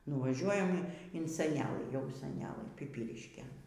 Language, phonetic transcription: Lithuanian, nuvaˈžiuojam in seˈnelɨ jau seˈnelɘ piˈpyriškėn

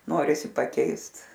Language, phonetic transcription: Lithuanian, ˈnorisi paˈkeist

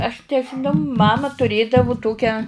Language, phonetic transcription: Lithuanian, aš nežiˈnau ˈmama turˈėdavu ˈtokią

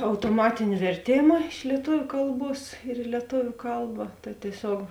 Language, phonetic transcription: Lithuanian, autoˈmatini verˈtėma iš lieˈtuviu ˈkalˌbuos ir i lieˈtoviu ˈkalba tai tieˈsiog

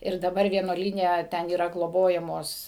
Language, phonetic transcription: Lithuanian, ir daˈbar vienuoˈlyne ˈten yˈra gloˈbojamos

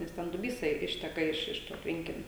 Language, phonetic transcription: Lithuanian, nes ˈten duˈbysa i ˈišteka ˈiš ˈiš to ˈtvenkinio

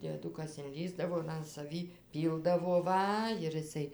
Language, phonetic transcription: Lithuanian, dieˈdukas inˈlįsdavo ir an saˈvį ˈpyldavo ˈva ir iˈsai

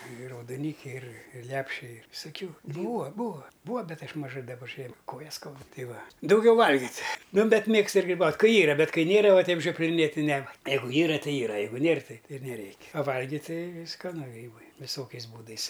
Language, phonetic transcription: Lithuanian, ir raudoˈnykiai ir ir ˈlepšiai visaˈkiu ˈbūa ˈbūa ˈbūa ˈbet ˈaš maˈžai daˈba žie ˈkojas ˈskaudu ˈtai ˈva dauˈgiau ˈvalgit' ˈnu ˈbet ˈmėgstu ir griˈbaut' ˈkai ˈyra ˈbet ˈkai ˈnėra ˈva ˈteip žiopliˈnėt' ti ˈne ˈjeigu ˈyra ti ˈyra ˈjeigu ˈnėr ˈtai ir neˈreik' a ˈvalgit ˈtai skaˈnu ˈgrybai viˈsokiais ˈbūdais

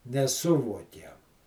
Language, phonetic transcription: Lithuanian, neˈsuvuokiam

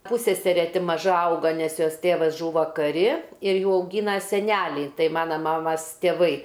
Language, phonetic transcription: Lithuanian, ˈpussesere ˈti maˈža ˈauga nes ˈjos ˈtėvas ˈžūva kaˈri ir ˈjų auˈgyna seˈnæliai ˈtai ˈmana ˈmamas tėˈvai

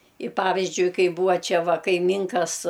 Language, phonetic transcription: Lithuanian, i ˈpavizdžiui ˈkai ˈbūva ˈčia ˈva kaiˈmynkas

